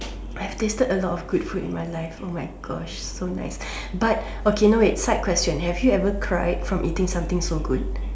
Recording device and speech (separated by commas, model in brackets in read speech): standing microphone, conversation in separate rooms